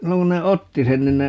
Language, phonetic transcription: Finnish, 'silloŋ ku ne "otti sen 'nin ne , .
- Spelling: silloin kun ne otti sen niin ne

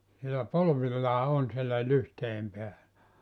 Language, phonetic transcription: Finnish, sielä 'polvillaa 'on sielä 'lyhtei₍em peälä .
- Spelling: siellä polvillaan on siellä lyhteiden päällä

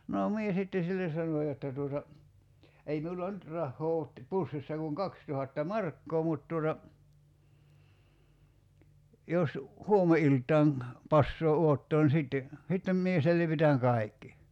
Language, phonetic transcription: Finnish, noo 'mie sitte "silles sano 'jotta tuota , » ei 'miula "nyt 'rahhoo oot , 'pussissa kuŋ "kakstuhatta "markkoo mut tuota , 'jos , "huome₍ilt̀aaŋ , 'passoo 'uottoon ni 'sìtte , sittem mie 'selvitäŋ "kai̬kki « .
- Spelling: no minä sitten sille sanoin jotta tuota ei minulla nyt rahaa ole pussissa kuin kaksituhatta markkaa mutta tuota jos huomeniltaan passaa odottaa niin sitten sitten minä selvitän kaikki

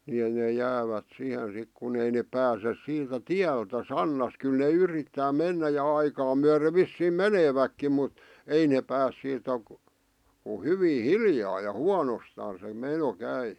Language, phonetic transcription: Finnish, ni ne jäävät 'sihen 'sik kun ‿ei nep 'pääses 'siitä "tiältä "sannas kyl ne 'yrittää 'mennä ja "aikaa myäre vissiim̆ "meneeväkkim mut , "ei neep pääs siitä , ku 'hyvii "hiljaa ja "huanostaan se 'meno 'käi .
- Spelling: niin ne jäävät siihen sitten kun ei ne pääse siitä tieltä sannassa kyllä ne yrittää mennä ja aikaa myöden vissiin menevätkin mutta ei ne pääse siitä kun hyvin hiljaa ja huonostaan se meno käy

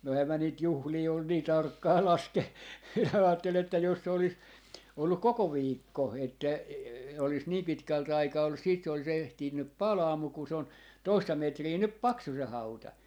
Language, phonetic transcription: Finnish, no 'ehä mä niit "juhlii ol nii "tarkkaa 'laske - , 'aatte'l ‿että jos se olis , 'olluk "koko 'viikko , että e- , olis nii 'pitkält 'aikaa ollus siit se olis 'ehtinnyp "palaa 'muk kun se on , 'toista 'metrii 'nyp "paksu se 'hauta .
- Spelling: no enhän minä niitä juhlia ole niin tarkkaan - ajattelin että jos se olisi ollut koko viikko että - olisi niin pitkälti aikaa ollut sitten se olisi ehtinyt palaa mutta kun se on toista metriä nyt paksu se hauta

